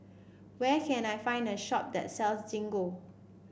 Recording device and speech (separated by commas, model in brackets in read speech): boundary microphone (BM630), read sentence